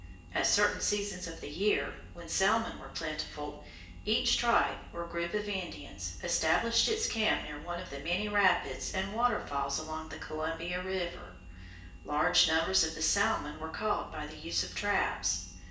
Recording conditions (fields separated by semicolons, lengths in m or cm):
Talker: one person; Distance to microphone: 1.8 m; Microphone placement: close; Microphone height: 1.0 m; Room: large; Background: none